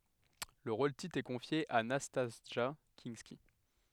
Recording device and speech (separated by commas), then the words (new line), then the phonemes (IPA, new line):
headset microphone, read sentence
Le rôle-titre est confié à Nastassja Kinski.
lə ʁol titʁ ɛ kɔ̃fje a nastasʒa kɛ̃ski